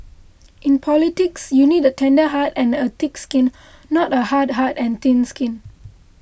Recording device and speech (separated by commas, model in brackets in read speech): boundary microphone (BM630), read sentence